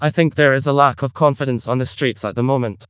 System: TTS, vocoder